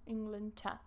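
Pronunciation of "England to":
In 'England to', the word 'to' is said in its weak form.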